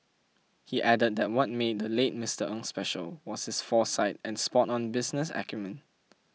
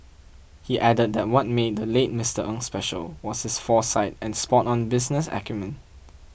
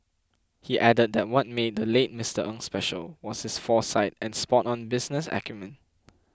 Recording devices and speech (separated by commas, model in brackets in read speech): mobile phone (iPhone 6), boundary microphone (BM630), close-talking microphone (WH20), read sentence